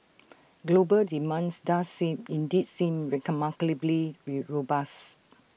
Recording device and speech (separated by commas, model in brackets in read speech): boundary microphone (BM630), read sentence